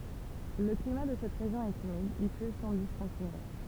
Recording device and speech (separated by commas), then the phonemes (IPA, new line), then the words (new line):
temple vibration pickup, read sentence
lə klima də sɛt ʁeʒjɔ̃ ɛt ymid il plø sɑ̃ diskɔ̃tinye
Le climat de cette région est humide, il pleut sans discontinuer.